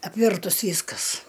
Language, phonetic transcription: Lithuanian, apˈvirtus ˈvyskas

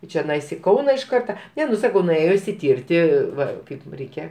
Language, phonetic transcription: Lithuanian, i čeˈnais i ˈkauna iš ˈkarta ˈne nu ˈsakau nuˈėjo išsiˈtirti ˈva ˈkaip ˈreikia

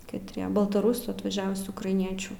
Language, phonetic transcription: Lithuanian, katˈrie baltaˈrusų atvaˈžiavusių ukraiˈniečių

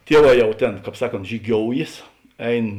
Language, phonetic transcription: Lithuanian, ˈtieˌvā ˈjau ˈtėn ˈkāp ˈsaˌkont žyˈgioujės ˈein

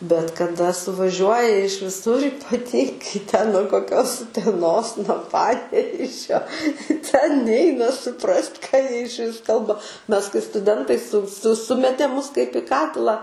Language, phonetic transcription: Lithuanian, bet kaˈda suvaˈžiuoja iš viˈsur ypaˈtyngai ten nuo koˈkios uteˈnos nuo ˈpanevėžio ten ˈneina suˈprast' ką ˈjie išˈvis ˈkalba ˈmes kai stuˈdentai su su ˈsumetė ˈmus kaip i ˈkatilą

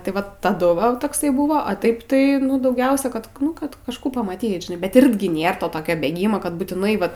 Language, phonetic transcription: Lithuanian, tai ˈvat taˈdu va takˈsai ˈbūvo a ˈtaip tai ˈnu dauˈgiausia kad ˈnu kad kažˈkų pamaˈtyt žiˈnai bet ˈirgi ˈnėr toˈtokio bėgima kad būtiˈnai ˈvat

